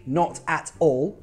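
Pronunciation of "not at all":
'Not at all' is pronounced incorrectly here.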